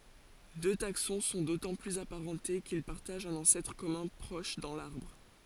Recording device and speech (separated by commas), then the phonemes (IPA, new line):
forehead accelerometer, read sentence
dø taksɔ̃ sɔ̃ dotɑ̃ plyz apaʁɑ̃te kil paʁtaʒt œ̃n ɑ̃sɛtʁ kɔmœ̃ pʁɔʃ dɑ̃ laʁbʁ